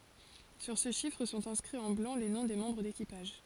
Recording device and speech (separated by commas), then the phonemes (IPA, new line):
forehead accelerometer, read sentence
syʁ sə ʃifʁ sɔ̃t ɛ̃skʁiz ɑ̃ blɑ̃ le nɔ̃ de mɑ̃bʁ dekipaʒ